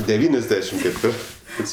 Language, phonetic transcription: Lithuanian, deˈvyniasˌdešim ketˈvirtɜs

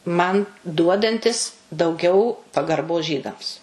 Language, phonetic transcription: Lithuanian, ˈman ˈduodantis dauˈgiau pagarˈbos ˈžydams

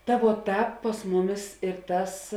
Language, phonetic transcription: Lithuanian, ta vuo ˈtāp pas ˈmuˌmis ir ˈtas

